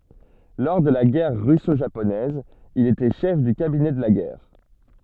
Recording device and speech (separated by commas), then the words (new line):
soft in-ear microphone, read sentence
Lors de la Guerre russo-japonaise, il était chef du cabinet de la guerre.